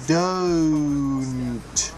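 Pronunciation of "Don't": In 'don't', the o vowel is not one single sound: it is said as three sounds in a row.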